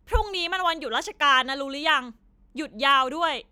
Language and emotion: Thai, angry